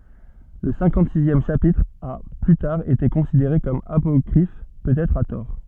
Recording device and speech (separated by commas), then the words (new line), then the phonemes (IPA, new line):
soft in-ear microphone, read sentence
Le cinquante-sixième chapitre a plus tard été considéré comme apocryphe, peut-être à tort.
lə sɛ̃kɑ̃tzizjɛm ʃapitʁ a ply taʁ ete kɔ̃sideʁe kɔm apɔkʁif pøtɛtʁ a tɔʁ